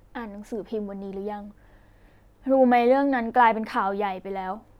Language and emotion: Thai, sad